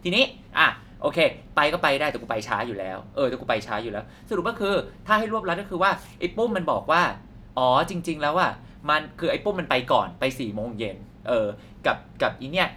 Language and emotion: Thai, happy